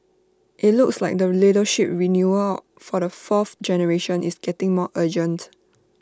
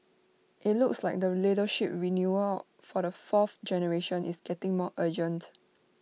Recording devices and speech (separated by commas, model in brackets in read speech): standing microphone (AKG C214), mobile phone (iPhone 6), read sentence